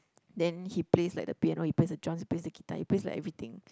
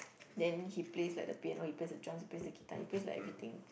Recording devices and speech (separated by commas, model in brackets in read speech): close-talking microphone, boundary microphone, conversation in the same room